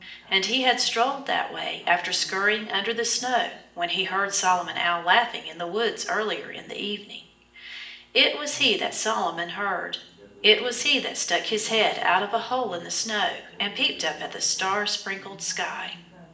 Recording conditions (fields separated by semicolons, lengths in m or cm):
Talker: one person; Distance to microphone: 1.8 m; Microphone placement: close; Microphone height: 1.0 m; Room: large; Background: television